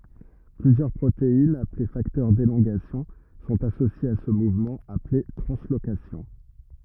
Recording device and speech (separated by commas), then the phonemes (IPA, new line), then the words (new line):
rigid in-ear microphone, read sentence
plyzjœʁ pʁoteinz aple faktœʁ delɔ̃ɡasjɔ̃ sɔ̃t asosjez a sə muvmɑ̃ aple tʁɑ̃slokasjɔ̃
Plusieurs protéines, appelées facteurs d'élongation, sont associées à ce mouvement, appelé translocation.